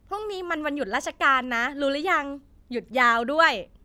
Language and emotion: Thai, happy